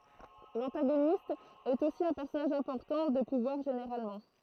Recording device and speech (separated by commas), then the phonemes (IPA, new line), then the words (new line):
throat microphone, read sentence
lɑ̃taɡonist ɛt osi œ̃ pɛʁsɔnaʒ ɛ̃pɔʁtɑ̃ də puvwaʁ ʒeneʁalmɑ̃
L'antagoniste est aussi un personnage important, de pouvoir généralement.